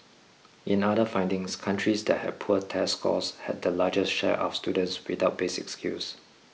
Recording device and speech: mobile phone (iPhone 6), read sentence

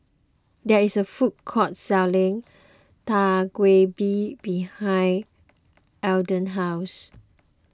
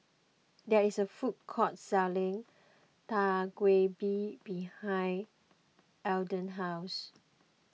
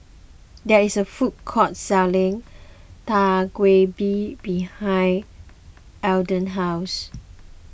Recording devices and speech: close-talking microphone (WH20), mobile phone (iPhone 6), boundary microphone (BM630), read sentence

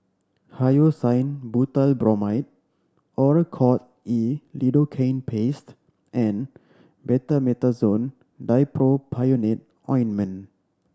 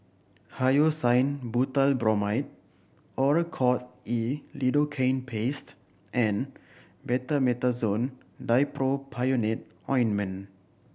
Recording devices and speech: standing microphone (AKG C214), boundary microphone (BM630), read sentence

